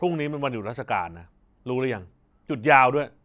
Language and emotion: Thai, angry